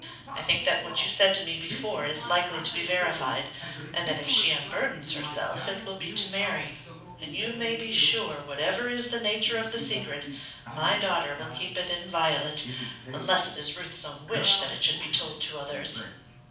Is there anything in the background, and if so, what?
A television.